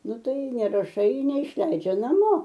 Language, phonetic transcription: Lithuanian, ˈnu ˈtai neraˈšai neišˈleidžia naˈmo

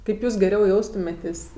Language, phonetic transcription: Lithuanian, kaip ˈjūs geˈriau ˈjaustumėtės'

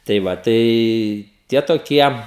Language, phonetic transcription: Lithuanian, tai ˈva ˈtai ˈtie toˈkie

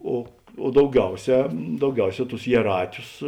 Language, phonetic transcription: Lithuanian, o o dauˈgiauˌsē dauˈgiauˌsē tus jieˈrātius

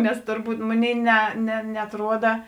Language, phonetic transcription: Lithuanian, ˈnes turˈbūt ˈmoˌnėi ne ne neatˈruoda

